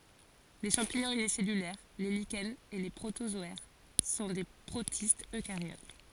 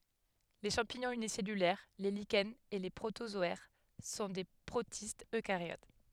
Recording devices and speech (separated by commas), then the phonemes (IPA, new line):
forehead accelerometer, headset microphone, read sentence
le ʃɑ̃piɲɔ̃z ynisɛlylɛʁ le liʃɛnz e le pʁotozɔɛʁ sɔ̃ de pʁotistz økaʁjot